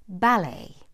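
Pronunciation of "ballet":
'Ballet' has the British pronunciation here, with the stress on the first syllable.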